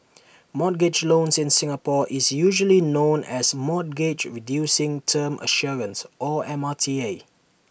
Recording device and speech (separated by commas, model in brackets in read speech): boundary microphone (BM630), read sentence